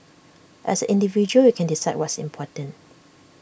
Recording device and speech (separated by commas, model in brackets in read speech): boundary microphone (BM630), read sentence